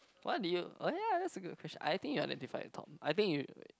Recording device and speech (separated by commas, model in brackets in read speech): close-talking microphone, conversation in the same room